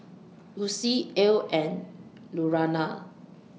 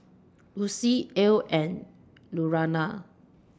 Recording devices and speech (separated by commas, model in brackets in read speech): mobile phone (iPhone 6), standing microphone (AKG C214), read sentence